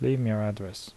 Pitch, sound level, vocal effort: 105 Hz, 76 dB SPL, soft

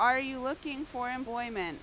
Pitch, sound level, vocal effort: 255 Hz, 92 dB SPL, very loud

